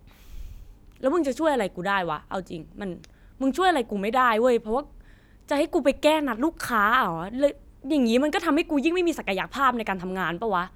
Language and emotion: Thai, angry